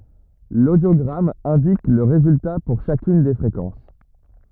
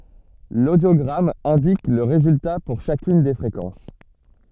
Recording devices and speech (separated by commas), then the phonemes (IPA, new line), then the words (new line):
rigid in-ear microphone, soft in-ear microphone, read sentence
lodjoɡʁam ɛ̃dik lə ʁezylta puʁ ʃakyn de fʁekɑ̃s
L'audiogramme indique le résultat pour chacune des fréquences.